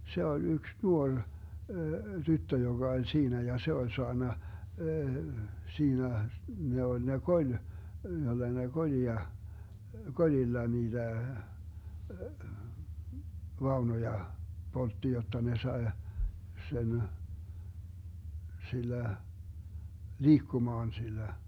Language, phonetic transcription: Finnish, 'se oĺ 'yks 'nuoŕ , 'tyttö joGa oĺ 'siinä ja 'se oĺ 'soanna , 'siinä , 'ne oĺ ne 'koĺ , joDa ne 'koĺia , "koĺilla 'niiDä , 'vaunoja , 'poltti jotta ne 'sae , 'sen , 'sillä , "liikkumaan sillä .
- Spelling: se oli yksi nuori tyttö joka oli siinä ja se oli saanut siinä ne oli ne koli jota ne kolia kolilla niitä vaunuja poltti jotta ne sai sen sillä liikkumaan sillä

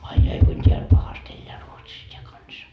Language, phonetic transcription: Finnish, ai 'jai kuin 't́eäĺ 'pahast ‿elleä 'Ruotsis t́eä "kansa .
- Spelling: ai ai kuinka täällä pahasti elää Ruotsissa tämä kansa

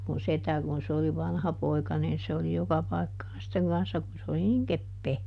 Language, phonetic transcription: Finnish, mun ˈsetä kun se oli ˈvanhapoika niin se oli ˈjoka ˈpai̮kkaan sitteŋ ˈkanssa - kun se oli niŋ "keppee .
- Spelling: minun setä kun se oli vanhapoika niin se oli joka paikkaan sitten kanssa kun se oli niin kepeä

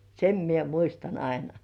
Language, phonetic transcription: Finnish, sem mie 'muistan 'aina .
- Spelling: sen minä muistan aina

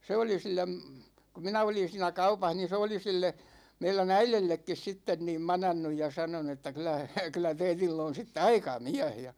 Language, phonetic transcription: Finnish, 'se oli sil̆lem , ku 'minä olin̬ siinä 'kaupah niin̬ 'se oli 'sille , 'meilä"n ‿äilellekkis 'sitten niim 'manannuj ja 'sanonu että » 'kyl̆lä , kyl̆lä 'teitill ‿on̬ sitte "aika "miä̭h « ja .
- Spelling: se oli sille kun minä olin siinä kaupassa niin se oli sille meidän äidillekin sitten niin manannut ja sanonut että kyllä kyllä teillä on sitten aika mies ja

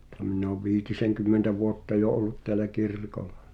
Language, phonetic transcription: Finnish, [ny]ᵗʰᵃ̈ᵐ minn ‿òv 'viitiseŋkymmentä 'vuotta jo '’ollut teälä "kirkollᴀ .
- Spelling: nythän minä olen viitisenkymmentä vuotta jo ollut täällä kirkolla

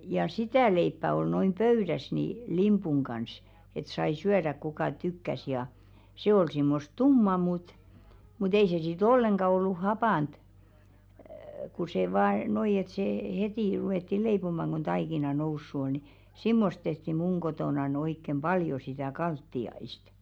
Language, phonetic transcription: Finnish, ja "sitä̀ 'leippä ol noim 'pöyðäs ni , 'limpuŋ kans , et sai 'syäðäᵏ kukà 'tykkäs ja , 'se ol simmost "tumma mut , mu't ‿ei se si't ‿olleŋɢa ollu "hapànt , ku se vaa 'noi et see , "hetì ruwètti 'leipomaŋ ɢo̭n 'taikina "noussu oʟ ni , 'simmost tehti 'muŋ ɢotònan oikkem "ʙaljo sitä̀ 'kaltti₍aist .
- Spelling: ja sitä leipää oli noin pöydässä niin limpun kanssa että sai syödä kuka tykkäsi ja se oli semmoista tummaa mutta mutta ei se sitten ollenkaan ollut hapanta kun se vain noin että se heti ruvettiin leipomaan kun taikina noussut oli niin semmoista tehtiin minun kotonani oikein paljon sitä kaltiaista

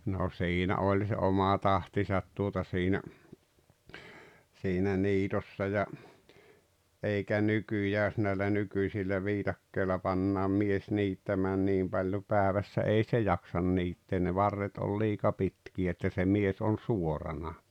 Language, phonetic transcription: Finnish, no 'siinä 'oĺ se 'oma "tahtisat tuota siinä , siinä 'niitossa ja , eikä "nykyjä ʲᵒs näillä 'nykyⁱsillä 'viitakkeilla pannaam 'mies 'niittämään 'niim paljo 'pääᵉvässä "ei se "jaksan niittee , ne "varret ol 'liika 'pitki₍ä että "mies on̬ "suorana .
- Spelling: no siinä oli se oma tahtinsa tuota siinä siinä niitossa ja eikä nykyään jos näillä nykyisillä viikatteilla pannaan mies niittämään niin paljon päivässä ei se jaksa niittää ne varret on liika pitkiä että mies on suorana

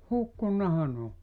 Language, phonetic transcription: Finnish, 'hukkunnaha 'n ‿oo .
- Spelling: hukkunuthan ne on

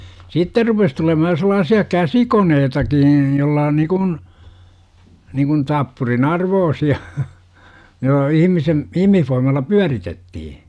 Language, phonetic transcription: Finnish, sitter rupes tulemahaj jo 'sᵉlaasi₍a "käsikoneetaki (n̥) 'jolla n̥ nikun , niŋkun 'tappurin "arvoosi₍a , jo- "ihimisem , "ihmihfoimalla "pyäritettihi .
- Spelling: sitten rupesi tulemaan jo sellaisia käsikoneitakin - jolla - niin kuin niin kuin tappurin arvoisia - ihmisen ihmisvoimalla pyöritettiin

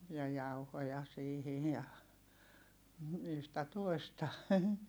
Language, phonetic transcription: Finnish, ja jauhoja siihij ja , yhtä toi̮sta .
- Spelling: ja jauhoja siihen ja yhtä toista

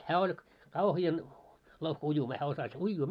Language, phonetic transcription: Finnish, hää oĺ , 'kauhi₍an , 'louhkᵃ ‿ujumaa 'hää osas 'uijjuu .
- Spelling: hän oli kauhean louhka uimaan hän osasi uida

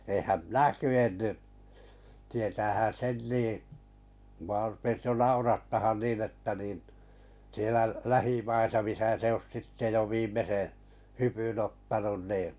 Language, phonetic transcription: Finnish, eehäm "minä 'ky₍enny , tietäähän 'sen nì , mᵘ₍a rupes 'jo 'naurattahan nii'n ‿että niin , sielä 'lähimaisa misä se os sitte jo 'viimmese , 'hypyn 'ottanun nii .
- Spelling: enhän minä kyennyt tietäähän sen niin minua rupesi jo naurattamaan niin että niin siellä lähimaissa missä se olisi sitten jo viimeisen hypyn ottanut niin

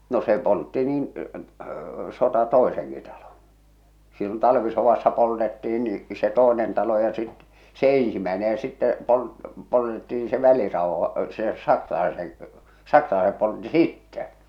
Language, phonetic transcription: Finnish, no 'se 'poltti niin , 'sota "tòeseŋki talon̬ , sillon 'talvisovassa poltettih̬in ni , se 'tòenen talo ja sit , se "eḛsimäene ja sittɛ , pol- 'poltettiin se 'väliràohᴀ , se 'saksalaeseŋ , 'saksalaesep poltti "sittɛ .
- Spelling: no se poltti niin sota toisenkin talon silloin talvisodassa poltettiin niin se toinen talo ja sitten se ensimmäinen ja sitten - poltettiin se välirauha se saksalaisen saksalaiset poltti sitten

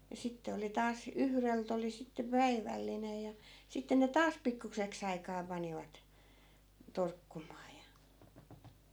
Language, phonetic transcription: Finnish, ja 'sitte oli 'taas , 'yhrelt ‿oli sitte 'päivällinej ja , 'sitte ne "taas 'pikkukseks ‿aikaa 'panivat , 'torkkumaa ja .
- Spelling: ja sitten oli taas yhdeltä oli sitten päivällinen ja sitten ne taas pikkuiseksi aikaa panivat torkkumaan ja

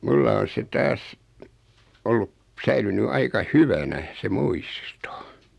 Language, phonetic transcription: Finnish, 'mulla on̬ se 'taas , 'ollup , 'säilyny 'aika "hyvänä , se 'muisto .
- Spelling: minulla on se taas ollut säilynyt aika hyvänä se muisto

